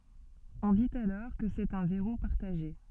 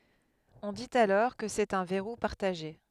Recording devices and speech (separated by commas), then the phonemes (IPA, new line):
soft in-ear microphone, headset microphone, read sentence
ɔ̃ dit alɔʁ kə sɛt œ̃ vɛʁu paʁtaʒe